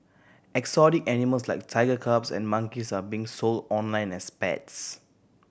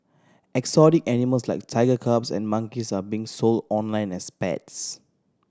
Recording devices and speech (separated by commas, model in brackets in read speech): boundary microphone (BM630), standing microphone (AKG C214), read sentence